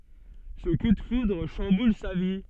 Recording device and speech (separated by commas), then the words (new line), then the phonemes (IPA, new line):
soft in-ear microphone, read sentence
Ce coup de foudre chamboule sa vie.
sə ku də fudʁ ʃɑ̃bul sa vi